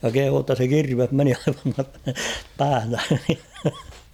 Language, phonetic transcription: Finnish, ja kehuu ‿tta se "kirveh meni aivan (tuasta) , 'pääv .
- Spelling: ja kehui jotta se kirves meni aivan tuosta pään

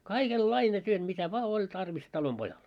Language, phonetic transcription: Finnish, kaikel"laine työt mitä 'vᵒa oĺ 'tarvis 'talom'ʙojal .
- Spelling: kaikenlainen työt mitä vain oli tarvis talonpojalle

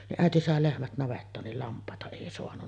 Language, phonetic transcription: Finnish, niˀ "ˀä̀eti sàe "lehmät 'navettaan nil "lamp̀àeta èi soanunna .
- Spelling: niin äiti sai lehmät navettaan niin lampaita ei saanut

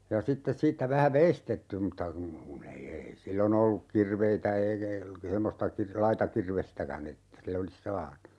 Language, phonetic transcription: Finnish, ja 'sittes 'siittä 'vähä "veistetty mutta kun , 'kun ‿ei 'ei 'sillo"n ‿olluk 'kirveitä eikä , 'semmosta kir - "laita 'kirvestäkän ‿että , 'sil ‿olis "saanu .
- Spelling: ja sitten siitä vähän veistetty mutta kun kun ei ei silloin ollut kirveitä eikä semmoista - laita kirvestäkään että sillä olisi saanut

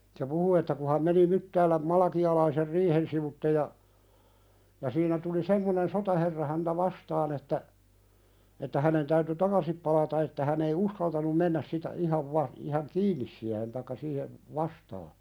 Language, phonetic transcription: Finnish, se 'puhu että ku ha̳m meni 'Myttääläm 'Malakialaiser "riihen sivutte ja , ja siinä tuli "semmonen 'sotaherra häntä "vastaan ‿että , että hänen täyty "takasip palata että hän ‿ei "uskaltanum 'mennäs sitä 'ihav va- , ihaŋ "kiinnis siähen taikka 'siihev , "vastaa .
- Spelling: se puhui että kun hän meni Myttäälän Malakialaisen riihen sivuitse ja ja siinä tuli semmoinen sotaherra häntä vastaan että että hänen täytyi takaisin palata että hän ei uskaltanut mennä sitä ihan - ihan kiinni siihen tai siihen vastaan

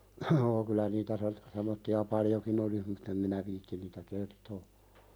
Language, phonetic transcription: Finnish, joo kylä nitä se- , semmotti₍a "paljokin ‿olis mutt ‿em minä 'viittin niitä "kertoo .
- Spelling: joo kyllä niitä - semmoisia paljonkin olisi mutta en minä viitsi niitä kertoa

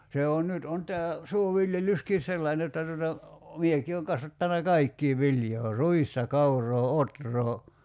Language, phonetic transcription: Finnish, 'se on 'nyt on tää , "suoviljelyskin̬ "sellain jotta tuota , 'mieki ooŋ 'kasvattana "kaikkii 'viljoo "ruista "kauroo "otroo ,.
- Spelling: se on nyt on tämä suoviljelyskin sellainen jotta tuota minäkin olen kasvattanut kaikkea viljaa ruista kauraa ohraa

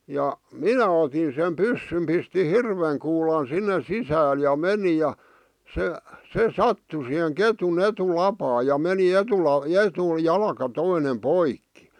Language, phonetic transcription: Finnish, ja , "minä otin sem 'pyssym pisti "hirveŋ kuulan 'sinne "sisääl ja "meni ja , se , 'se "sattu siheŋ 'ketun 'etu'lapaa ja 'meni 'etula- , 'etu- '-jalka 'toine "poikki .
- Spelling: ja minä otin sen pyssyn pistin hirven kuulan sinne sisälle ja menin ja se se sattui siihen ketun etulapaan ja meni - - etujalka toinen poikki

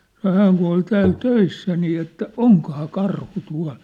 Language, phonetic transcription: Finnish, sano » hääŋ ku ol 'tääl "töissä nii « että , » "oŋkŏhaa "karhu "tua̭l ?
- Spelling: sanoi hän kun oli täällä töissä niin että onkohan karhu tuolla

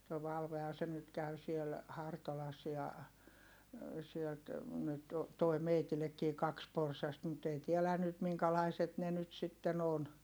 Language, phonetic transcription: Finnish, toi Valvehan̬ se nyt käy siel , Hartolas ja , sielt , nyt , toi meitilekkii kaks porsast mut ei tiɛlä̀ nyt miŋkälaiset ne nyt sitten ‿on .
- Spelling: tuo Valvehan se nyt käy siellä Hartolassa ja sieltä nyt tuo minullekin kaksi porsasta mutta ei tiedä nyt minkälaiset ne nyt sitten on

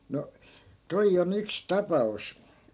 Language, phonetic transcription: Finnish, no , 'toij ‿o'n ‿yks "tapa₍us .
- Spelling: no tuo on yksi tapaus

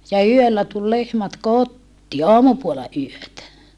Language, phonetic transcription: Finnish, ja yöllä tul lehmät kottii aamupuola yötä .
- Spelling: ja yöllä tuli lehmät kotiin aamupuolella yötä

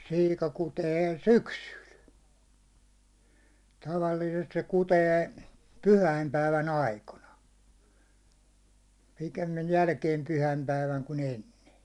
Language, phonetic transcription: Finnish, 'siika 'kutee , "syksyl , tavalliisest se 'kutee , "pyhäimpäivän 'aikona , pikemmij 'jälkeem 'pyhäimpäiväŋ ku'n ‿enne .
- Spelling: siika kutee syksyllä tavallisesti se kutee pyhäinpäivän aikoina pikemmin jälkeen pyhäinpäivän kuin ennen

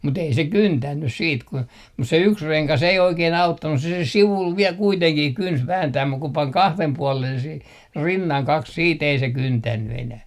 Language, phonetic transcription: Finnish, mut ‿ei se "kyntännys siit kun , mus se 'yks 'reŋkas ei 'oikee'n ‿auttannus se se 'sivul viɛl 'kuiteŋkih 'kyns "vääntääm muk ku 'paŋ "kahlem 'puɔlen sih , "rinnaŋ 'kaks 'siit ‿ei se 'kyntänny enäh .
- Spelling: mutta ei se kyntänyt sitten kun mutta se yksi rengas ei oikein auttanut se se sivulla vielä kuitenkin kynti vääntää mutta kun pani kahden puolen siihen rinnan kaksi sitten ei se kyntänyt enää

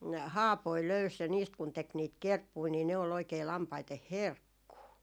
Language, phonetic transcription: Finnish, "haapoi 'löys ja niist kun tek niit 'kerppui nii ne ol ‿oikei 'lampaiteh "herkkuu .
- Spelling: haapoja löysi ja niistä kun teki niitä kerppuja niin ne oli oikein lampaiden herkkua

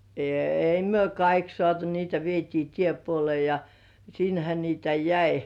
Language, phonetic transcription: Finnish, èi myö 'kaik sŏàtu niitä vietii "tie'puolĭ§è ja , 'sinhä niitä "jäi .
- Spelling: ei me kaikki saatu niitä vietiin tiepuoleen ja sinnehän niitä jäi

